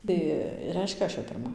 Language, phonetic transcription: Lithuanian, ˈtai ˈreiškia ˈaš jau pirˈma

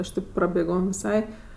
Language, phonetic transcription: Lithuanian, ˈaš tėp prabėˈgom viˈsai

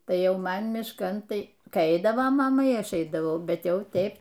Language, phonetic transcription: Lithuanian, ˈtai ˈjau ˈman mišˈkan ˈtai ˈkai ˈeidavo maˈma y ˈaš ˈeidavau ˈbet ˈjau ˈteip

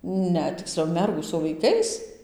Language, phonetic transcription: Lithuanian, ˈne tikˈsliau ˈmergų su vaiˈkais

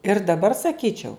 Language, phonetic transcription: Lithuanian, ir daˈbar saˈkyčiau

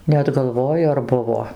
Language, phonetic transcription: Lithuanian, ˈnet galˈvoju ar ˈbuvo

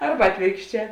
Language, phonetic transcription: Lithuanian, ˈarba ˈatvėrkšˌčē

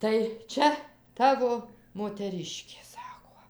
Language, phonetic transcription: Lithuanian, tai ˈčia ˈtavo moteˈriškė ˈsako

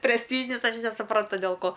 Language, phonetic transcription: Lithuanian, presˈtyžinis ˈaš nesuˈprantu del ˈko

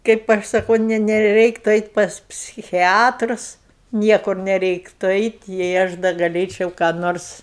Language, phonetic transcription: Lithuanian, kaip ˈaš saˈkau ˈne neˈreiktu eit' pas psiˈchiatrus ˈniekur neˈreiktu ˈeit' jei ˈaš da gaˈlėčiau ką ˈnors

